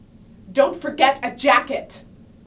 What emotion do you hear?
angry